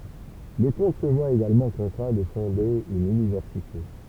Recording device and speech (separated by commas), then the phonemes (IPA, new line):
temple vibration pickup, read sentence
lə kɔ̃t sə vwa eɡalmɑ̃ kɔ̃tʁɛ̃ də fɔ̃de yn ynivɛʁsite